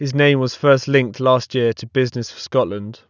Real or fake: real